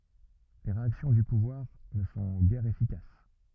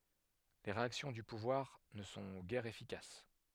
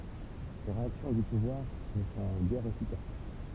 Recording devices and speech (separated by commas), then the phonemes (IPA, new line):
rigid in-ear microphone, headset microphone, temple vibration pickup, read sentence
le ʁeaksjɔ̃ dy puvwaʁ nə sɔ̃ ɡɛʁ efikas